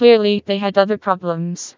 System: TTS, vocoder